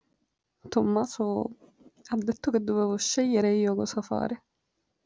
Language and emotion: Italian, sad